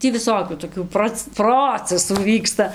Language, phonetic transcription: Lithuanian, ˈtį viˈsokių toˈkių ˈproc ˈprocesų ˈvyksta

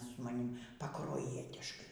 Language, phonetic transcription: Lithuanian, su maˈnim paˈkruojietiškai

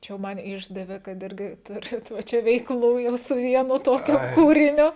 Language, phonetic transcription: Lithuanian, ˈčia jau ˈman ˈišdavė kad ˈirgi ˈturit va ˈčia veikˈlų jau su ˈvienu ˈtokiu ˈkūriniu

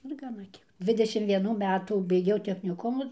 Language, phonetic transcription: Lithuanian, ir gaˈna ˈkiek ˈdvidešim vieˈnų ˈmetų beiˈgiau techniˈkumu

